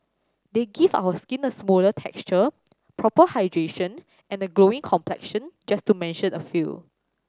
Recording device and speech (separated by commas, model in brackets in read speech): standing microphone (AKG C214), read sentence